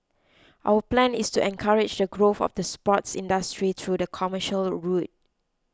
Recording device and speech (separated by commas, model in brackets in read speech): close-talking microphone (WH20), read sentence